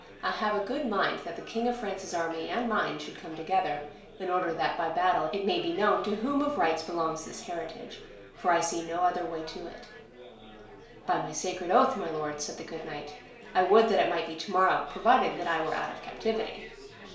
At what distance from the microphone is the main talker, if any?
1.0 m.